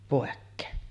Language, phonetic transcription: Finnish, 'pòekkeen .
- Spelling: pois

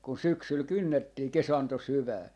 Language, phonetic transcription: Finnish, kun "syksyl 'kynnettii "kesanto "syvää .
- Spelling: kun syksyllä kynnettiin kesanto syvään

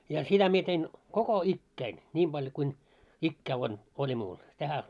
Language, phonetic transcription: Finnish, ja "sitä mie tein , 'koko 'ikkäin , 'ńim ʙaljᵒ kuin , 'ikkää on , oĺi mu̳u̳§l , tähä a- .
- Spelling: ja sitä minä tein koko ikäni niin paljon kuin ikää on oli muualla tähän -

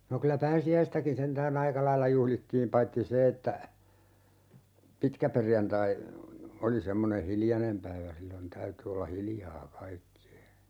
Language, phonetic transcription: Finnish, no kylä "pääsi₍äistäkin 'sentää'n ‿aika 'lailla 'juhlittiim 'paitti "se että , 'pitkäperjantai , 'oli 'semmone "hiljanem päivä 'sillon 'täyty olla "hiljaa 'kaikki₍e .
- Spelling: no kyllä pääsiäistäkin sentään aika lailla juhlittiin paitsi se että pitkäperjantai oli semmoinen hiljainen päivä silloin täytyi olla hiljaa kaikkien

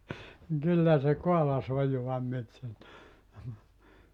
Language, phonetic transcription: Finnish, niŋ 'kyllä se 'koalas ‿ojua myöt sieltä .
- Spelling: niin kyllä se kaalasi ojaa myöten sieltä

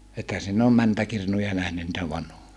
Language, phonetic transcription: Finnish, ethä sinn ‿oom mäntäkirnuja nähny ‿ntä vanho(ja) ?
- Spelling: ethän sinä ole mäntäkirnuja nähnyt niitä vanhoja

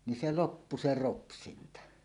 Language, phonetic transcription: Finnish, ni 'se "loppu se "ropsinta .
- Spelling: niin se loppui se ropsinta

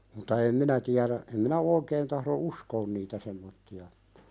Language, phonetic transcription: Finnish, muta 'em "minä tiäðä , em minä 'oikeen tahðo "uskoon niitä semmotti₍a (että) ,.
- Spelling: mutta en minä tiedä en minä oikein tahdo uskoa niitä semmoisia että

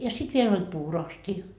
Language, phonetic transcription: Finnish, ja 'sit 'viel ‿oĺ "puuro₍asti₍a .
- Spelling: ja sitten vielä oli puuroastia

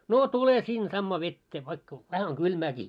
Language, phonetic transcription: Finnish, » 'noo "tule sin sammaa 'vettee vaikka , vähä oŋ 'ɢylmääkii . «
- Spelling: no tule sinne samaan veteen vaikka vähän on kylmääkin

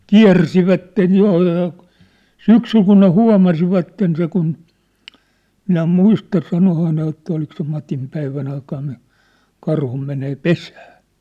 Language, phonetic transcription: Finnish, kiä̭rsivätten̳ 'jo₍e(llaa) , "syksyl kun ne "hua̭masivatten se kun , minä "muista 'sanohaa ne jotta olik se 'Matim päivän ‿aikan ni , 'karhu menee "pesää .
- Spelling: kiersivät joella syksyllä kun ne huomasivat sen kun minä muista sanoihan ne jotta oliko se Matin päivän aikana niin karhu menee pesään

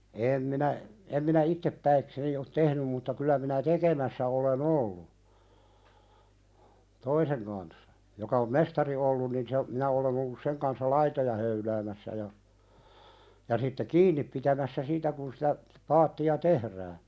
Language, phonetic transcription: Finnish, 'eem minä , em minä "ittep'päikseni ot "tehnym mutta kyl̆lä minä 'tekemässä ole"n ‿ollu , "toiseŋ kanssa , joka om 'mestari ollun nin se , minä olen ‿ollus 'seŋ kanssa "laitoja höyläämässä ja , ja sitte "kiinniᵖ pitämässä 'siitä kun sitä , 'paatti₍a "tehrää .
- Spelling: en minä en minä itse ole tehnyt mutta kyllä minä tekemässä olen ollut toisen kanssa joka on mestari ollut niin se minä olen ollut sen kanssa laitoja höyläämässä ja ja sitten kiinni pitämässä siitä kun sitä paattia tehdään

